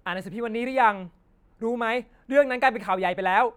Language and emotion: Thai, frustrated